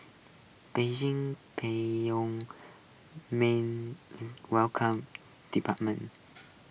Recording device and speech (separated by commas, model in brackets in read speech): boundary microphone (BM630), read sentence